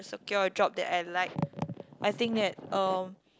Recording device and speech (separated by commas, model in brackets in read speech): close-talking microphone, conversation in the same room